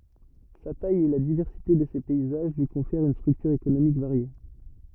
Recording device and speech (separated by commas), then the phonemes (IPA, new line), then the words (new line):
rigid in-ear microphone, read sentence
sa taj e la divɛʁsite də se pɛizaʒ lyi kɔ̃fɛʁt yn stʁyktyʁ ekonomik vaʁje
Sa taille et la diversité de ses paysages lui confèrent une structure économique variée.